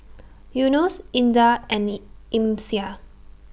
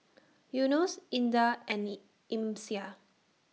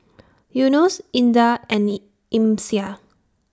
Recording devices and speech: boundary microphone (BM630), mobile phone (iPhone 6), standing microphone (AKG C214), read sentence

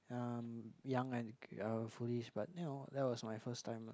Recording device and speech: close-talking microphone, conversation in the same room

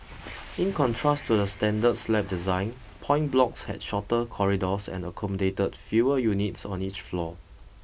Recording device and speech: boundary microphone (BM630), read sentence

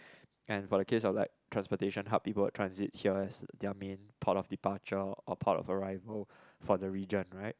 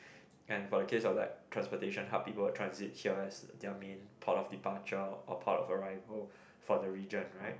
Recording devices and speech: close-talking microphone, boundary microphone, conversation in the same room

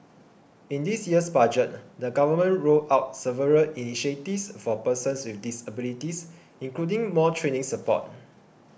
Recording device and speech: boundary microphone (BM630), read sentence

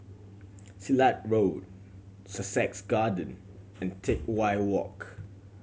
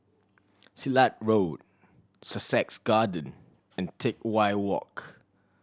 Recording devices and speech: mobile phone (Samsung C7100), standing microphone (AKG C214), read sentence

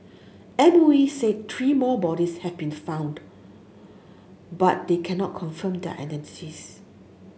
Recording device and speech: mobile phone (Samsung S8), read sentence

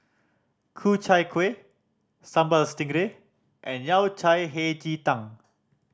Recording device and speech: standing microphone (AKG C214), read sentence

